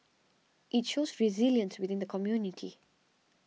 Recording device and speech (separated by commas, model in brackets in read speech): mobile phone (iPhone 6), read sentence